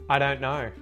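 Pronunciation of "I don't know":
In 'I don't know', the t at the end of 'don't' is muted.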